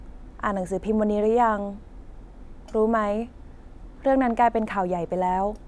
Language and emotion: Thai, neutral